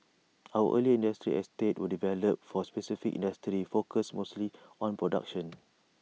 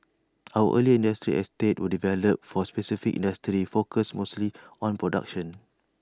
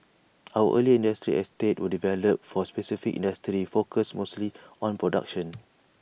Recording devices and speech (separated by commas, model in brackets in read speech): mobile phone (iPhone 6), standing microphone (AKG C214), boundary microphone (BM630), read sentence